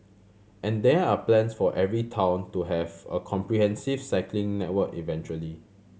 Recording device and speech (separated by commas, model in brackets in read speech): mobile phone (Samsung C7100), read sentence